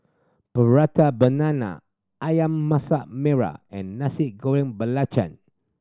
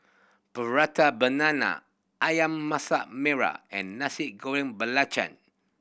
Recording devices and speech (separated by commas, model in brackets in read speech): standing microphone (AKG C214), boundary microphone (BM630), read sentence